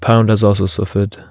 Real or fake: real